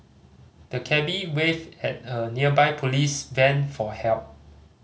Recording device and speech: mobile phone (Samsung C5010), read sentence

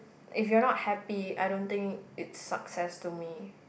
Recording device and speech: boundary microphone, conversation in the same room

